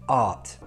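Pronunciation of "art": In 'art', the r is not pronounced.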